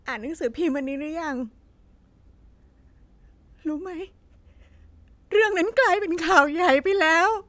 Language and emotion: Thai, sad